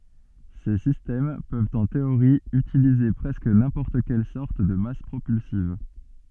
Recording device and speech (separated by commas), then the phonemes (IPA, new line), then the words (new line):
soft in-ear microphone, read sentence
se sistɛm pøvt ɑ̃ teoʁi ytilize pʁɛskə nɛ̃pɔʁt kɛl sɔʁt də mas pʁopylsiv
Ces systèmes peuvent en théorie utiliser presque n'importe quelle sorte de masse propulsive.